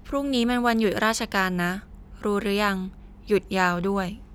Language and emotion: Thai, neutral